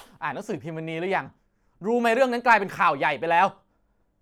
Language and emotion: Thai, angry